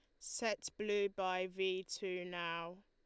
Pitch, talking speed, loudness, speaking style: 185 Hz, 135 wpm, -40 LUFS, Lombard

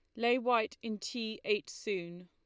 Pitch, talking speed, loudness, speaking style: 220 Hz, 175 wpm, -34 LUFS, Lombard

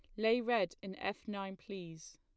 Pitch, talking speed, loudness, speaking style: 195 Hz, 185 wpm, -38 LUFS, plain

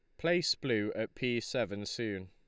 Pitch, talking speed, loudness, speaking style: 115 Hz, 175 wpm, -34 LUFS, Lombard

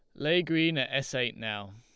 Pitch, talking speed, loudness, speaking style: 130 Hz, 230 wpm, -29 LUFS, Lombard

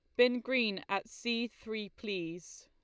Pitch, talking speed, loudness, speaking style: 220 Hz, 150 wpm, -34 LUFS, Lombard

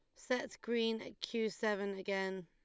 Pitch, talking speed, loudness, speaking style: 220 Hz, 160 wpm, -38 LUFS, Lombard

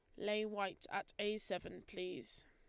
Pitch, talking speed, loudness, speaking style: 205 Hz, 160 wpm, -43 LUFS, Lombard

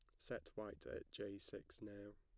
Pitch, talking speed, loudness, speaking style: 100 Hz, 185 wpm, -52 LUFS, plain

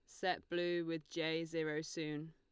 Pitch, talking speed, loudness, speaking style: 160 Hz, 170 wpm, -40 LUFS, Lombard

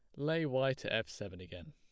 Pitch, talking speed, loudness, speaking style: 105 Hz, 240 wpm, -36 LUFS, plain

